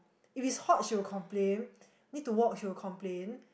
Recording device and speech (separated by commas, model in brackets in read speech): boundary microphone, conversation in the same room